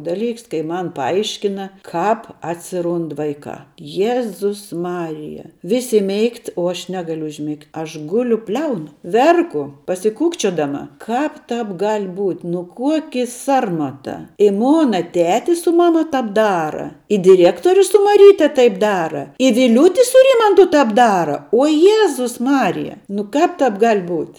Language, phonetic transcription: Lithuanian, ˈdaˌlyks kai ˈman paˈaiškina ˈkāp atsiˈrund ˈvaikā ˈjezus ˈmarija ˈvisi ˈmėigt o ˈaš ˈnegaliu užˈmigt' aš ˈguliu ˈbliaunu ˈverku pasiˈkūkčiodama ˈkāp ˈtāp gal' ˈbūt' nu ˈkuoki ˈsarmata i ˈmona ˈtetis su ˈmama ˈtap ˈdara i diˈriektorius su maˈryte ˈtaip ˈdara i viˈliūti su ˈrymantu ˈtap ˈdara uo ˈjėzus ˈmarija nu ˈkāp ˈtāp ˈgal' ˈbūt'

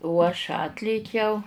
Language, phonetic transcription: Lithuanian, o aš ˈatlėkiau

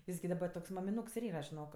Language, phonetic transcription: Lithuanian, ˈjis gi daˈba toks mamiˈnūks ir ˈyra žiˈnok

